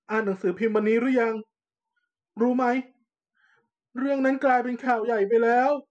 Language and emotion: Thai, sad